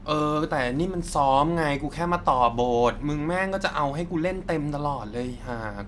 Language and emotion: Thai, frustrated